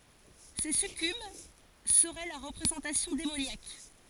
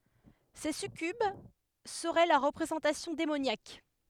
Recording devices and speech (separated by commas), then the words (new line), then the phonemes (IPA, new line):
forehead accelerometer, headset microphone, read sentence
Ces succubes seraient leur représentation démoniaque.
se sykyb səʁɛ lœʁ ʁəpʁezɑ̃tasjɔ̃ demonjak